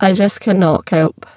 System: VC, spectral filtering